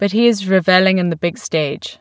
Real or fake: real